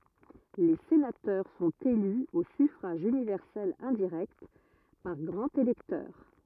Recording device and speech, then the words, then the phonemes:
rigid in-ear microphone, read sentence
Les sénateurs sont élus au suffrage universel indirect, par grands électeurs.
le senatœʁ sɔ̃t ely o syfʁaʒ ynivɛʁsɛl ɛ̃diʁɛkt paʁ ɡʁɑ̃z elɛktœʁ

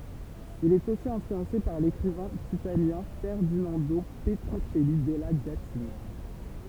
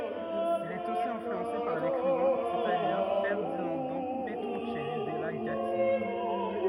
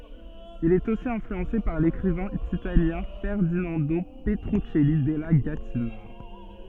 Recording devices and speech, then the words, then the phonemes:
temple vibration pickup, rigid in-ear microphone, soft in-ear microphone, read sentence
Il est aussi influencé par l'écrivain italien Ferdinando Petruccelli della Gattina.
il ɛt osi ɛ̃flyɑ̃se paʁ lekʁivɛ̃ italjɛ̃ fɛʁdinɑ̃do pətʁyksɛli dɛla ɡatina

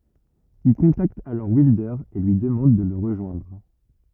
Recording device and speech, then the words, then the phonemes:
rigid in-ear microphone, read sentence
Il contacte alors Wilder et lui demande de le rejoindre.
il kɔ̃takt alɔʁ wildœʁ e lyi dəmɑ̃d də lə ʁəʒwɛ̃dʁ

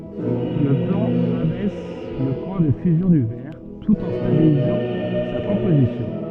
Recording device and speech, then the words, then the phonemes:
soft in-ear microphone, read sentence
Le plomb abaisse le point de fusion du verre, tout en stabilisant sa composition.
lə plɔ̃ abɛs lə pwɛ̃ də fyzjɔ̃ dy vɛʁ tut ɑ̃ stabilizɑ̃ sa kɔ̃pozisjɔ̃

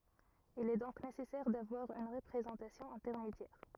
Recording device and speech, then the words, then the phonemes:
rigid in-ear microphone, read sentence
Il est donc nécessaire d'avoir une représentation intermédiaire.
il ɛ dɔ̃k nesɛsɛʁ davwaʁ yn ʁəpʁezɑ̃tasjɔ̃ ɛ̃tɛʁmedjɛʁ

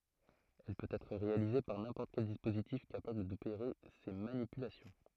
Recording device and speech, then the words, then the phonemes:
throat microphone, read sentence
Elle peut être réalisée par n'importe quel dispositif capable d'opérer ces manipulations.
ɛl pøt ɛtʁ ʁealize paʁ nɛ̃pɔʁt kɛl dispozitif kapabl dopeʁe se manipylasjɔ̃

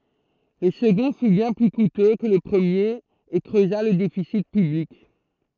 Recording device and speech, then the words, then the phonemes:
throat microphone, read sentence
Le second fut bien plus coûteux que le premier, et creusa le déficit public.
lə səɡɔ̃ fy bjɛ̃ ply kutø kə lə pʁəmjeʁ e kʁøza lə defisi pyblik

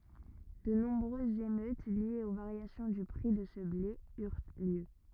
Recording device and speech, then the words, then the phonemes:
rigid in-ear microphone, read sentence
De nombreuses émeutes liées aux variations du prix de ce blé eurent lieu.
də nɔ̃bʁøzz emøt ljez o vaʁjasjɔ̃ dy pʁi də sə ble yʁ ljø

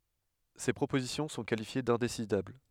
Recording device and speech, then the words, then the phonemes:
headset microphone, read sentence
Ces propositions sont qualifiées d'indécidables.
se pʁopozisjɔ̃ sɔ̃ kalifje dɛ̃desidabl

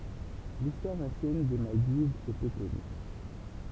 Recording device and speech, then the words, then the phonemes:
temple vibration pickup, read sentence
L'histoire ancienne des Maldives est peu connue.
listwaʁ ɑ̃sjɛn de maldivz ɛ pø kɔny

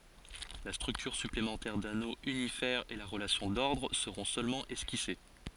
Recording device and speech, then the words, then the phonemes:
forehead accelerometer, read sentence
La structure supplémentaire d'anneau unifère et la relation d'ordre seront seulement esquissées.
la stʁyktyʁ syplemɑ̃tɛʁ dano ynifɛʁ e la ʁəlasjɔ̃ dɔʁdʁ səʁɔ̃ sølmɑ̃ ɛskise

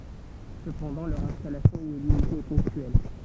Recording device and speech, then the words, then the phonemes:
temple vibration pickup, read sentence
Cependant, leur installation y est limitée et ponctuelle.
səpɑ̃dɑ̃ lœʁ ɛ̃stalasjɔ̃ i ɛ limite e pɔ̃ktyɛl

